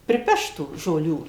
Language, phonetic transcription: Lithuanian, priˈpešt tų žoˈlių

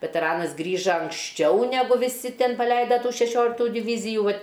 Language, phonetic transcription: Lithuanian, veteˈranas ˈgrįža anksˈčiau neˈgu viˈsi ˈten paˈleida šeˈšioliktų divyzijų ˈvat'

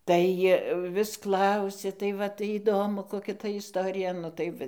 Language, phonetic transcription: Lithuanian, ˈtai vis ˈklausia tai ˈva tai įˈdomu koˈkia ta isˈtorija ˈtai va

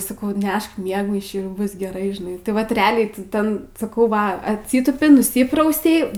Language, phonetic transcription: Lithuanian, saˈkau ˈnešk ˈmiegmaišį ˈbus geˈrai žiˈnai tai ˈvat reˈaliai tai ˈten saˈkau ˈva atˈsytūpi nuˈsyprausei

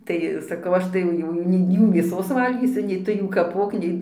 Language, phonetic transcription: Lithuanian, ˈtai saˈkau ˈaš tai jau ˈjų ˈjų nei ˈjų mėˈsos ˈvalgysiu nei ˈtu jų kaˈpok ˈnei

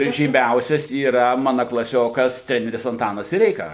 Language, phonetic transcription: Lithuanian, ir žyˈmiausias yˈra ˈmana klaˈsiokas ˈtreneris anˈtanas siˈreika

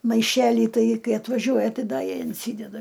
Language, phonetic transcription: Lithuanian, maiˈšelį ˈtai ˈkai atvaˈžiuoja ˈtai ˈda inˈsydeda

